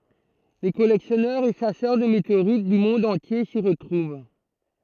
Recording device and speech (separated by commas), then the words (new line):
throat microphone, read sentence
Les collectionneurs et chasseurs de météorites du monde entier s’y retrouvent.